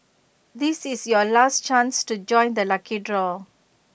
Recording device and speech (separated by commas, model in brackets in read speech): boundary microphone (BM630), read sentence